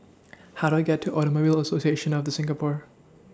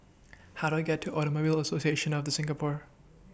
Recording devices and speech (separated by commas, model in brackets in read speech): standing microphone (AKG C214), boundary microphone (BM630), read sentence